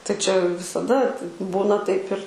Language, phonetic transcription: Lithuanian, tai čia visaˈda ti ˈbūna taip ir

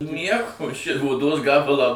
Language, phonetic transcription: Lithuanian, ˈnieko ši oˈdos ˈgabalą

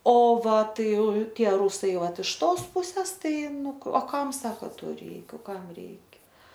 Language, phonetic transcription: Lithuanian, o ˈva ˈtai ˈtie ˈrūsai ˈvat iš ˈtos ˈpūses ˈtai ˈnu o ˈkam ˈsako ˈto ˈreik ˈkam ˈreikia

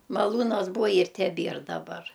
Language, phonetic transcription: Lithuanian, maˈlūnas ˈbūa ir teˈbier daˈbar

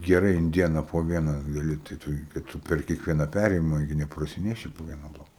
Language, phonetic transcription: Lithuanian, geˈrai in ˈdiena po ˈvieną gaˈli tai ˈtu į tai ˈtu per kiekˈviena ˈpærėjima gi neprasiˈneši po ˈviena ˈbloka

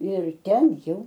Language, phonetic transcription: Lithuanian, ir ˈten ˈjau

